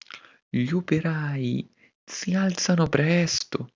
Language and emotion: Italian, surprised